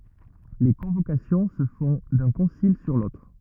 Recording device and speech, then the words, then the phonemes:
rigid in-ear microphone, read sentence
Les convocations se font d’un concile sur l’autre.
le kɔ̃vokasjɔ̃ sə fɔ̃ dœ̃ kɔ̃sil syʁ lotʁ

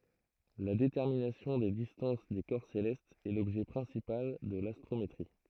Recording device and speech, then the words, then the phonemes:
throat microphone, read sentence
La détermination des distances des corps célestes est l’objet principal de l’astrométrie.
la detɛʁminasjɔ̃ de distɑ̃s de kɔʁ selɛstz ɛ lɔbʒɛ pʁɛ̃sipal də lastʁometʁi

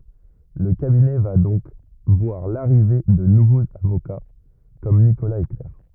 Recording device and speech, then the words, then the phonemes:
rigid in-ear microphone, read sentence
Le cabinet va donc voir l'arrivée de nouveaux avocats comme Nicolas et Claire.
lə kabinɛ va dɔ̃k vwaʁ laʁive də nuvoz avoka kɔm nikolaz e klɛʁ

